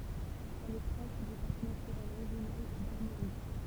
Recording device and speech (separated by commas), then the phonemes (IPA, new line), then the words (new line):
temple vibration pickup, read sentence
ɛl ɛ pʁɔʃ dy paʁk natyʁɛl ʁeʒjonal daʁmoʁik
Elle est proche du Parc naturel régional d'Armorique.